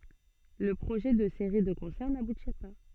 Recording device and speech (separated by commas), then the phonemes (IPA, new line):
soft in-ear microphone, read sentence
lə pʁoʒɛ də seʁi də kɔ̃sɛʁ nabuti pa